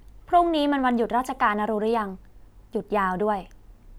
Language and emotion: Thai, neutral